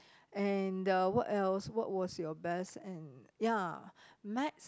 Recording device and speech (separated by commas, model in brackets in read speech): close-talking microphone, conversation in the same room